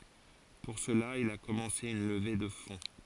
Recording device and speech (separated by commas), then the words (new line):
forehead accelerometer, read sentence
Pour cela, il a commencé une levée de fonds.